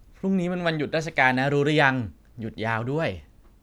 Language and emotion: Thai, neutral